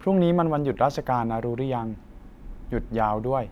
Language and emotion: Thai, neutral